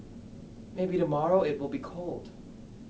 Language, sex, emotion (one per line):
English
male
neutral